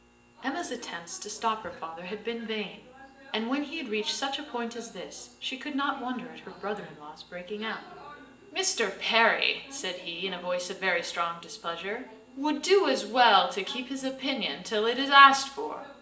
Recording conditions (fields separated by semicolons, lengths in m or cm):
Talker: one person; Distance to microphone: 1.8 m; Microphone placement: close; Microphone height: 1.0 m; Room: large; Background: television